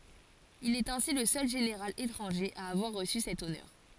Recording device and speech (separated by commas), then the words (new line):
forehead accelerometer, read sentence
Il est ainsi le seul général étranger à avoir reçu cet honneur.